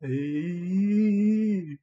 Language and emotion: Thai, happy